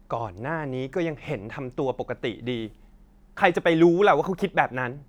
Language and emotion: Thai, frustrated